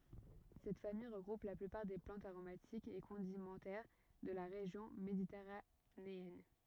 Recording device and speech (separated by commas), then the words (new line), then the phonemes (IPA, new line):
rigid in-ear microphone, read sentence
Cette famille regroupe la plupart des plantes aromatiques et condimentaires de la région méditerranéenne.
sɛt famij ʁəɡʁup la plypaʁ de plɑ̃tz aʁomatikz e kɔ̃dimɑ̃tɛʁ də la ʁeʒjɔ̃ meditɛʁaneɛn